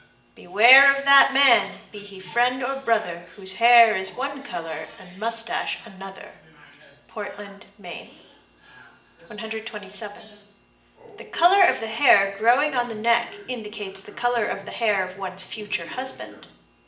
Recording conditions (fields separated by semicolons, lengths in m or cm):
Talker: one person; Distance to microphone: 1.8 m; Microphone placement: close; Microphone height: 1.0 m; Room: large; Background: television